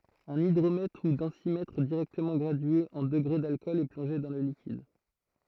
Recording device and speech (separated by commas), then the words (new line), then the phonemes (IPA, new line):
throat microphone, read sentence
Un hydromètre ou densimètre directement gradué en degrés d’alcool est plongé dans le liquide.
œ̃n idʁomɛtʁ u dɑ̃simɛtʁ diʁɛktəmɑ̃ ɡʁadye ɑ̃ dəɡʁe dalkɔl ɛ plɔ̃ʒe dɑ̃ lə likid